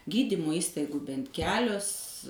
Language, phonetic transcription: Lithuanian, ˈgydymu ˈįstaigu ˈbent ˈkelius

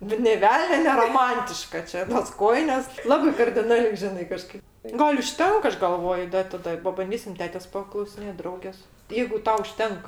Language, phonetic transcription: Lithuanian, bet nė ˈvelnio neroˈmantiška ˈčia tos ˈkojinės ˈlabai kardiˈnaliai ˈžinai kaˈžkaip ˈgal' užˈtenk ˈaš galˈvoju ˈda i taˈda pabanˈdysim ˈtetės paklausiˈnėt' ˈdraugės jeigu ˈtau užˈtenk

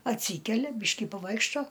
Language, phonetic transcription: Lithuanian, atˈsykelia ˈbyški paˈvaikšto

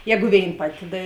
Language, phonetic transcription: Lithuanian, ˈjegu ˈvėin ˈpati ˈda

